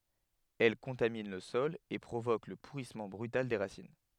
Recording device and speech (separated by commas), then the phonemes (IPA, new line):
headset microphone, read sentence
ɛl kɔ̃tamin lə sɔl e pʁovok lə puʁismɑ̃ bʁytal de ʁasin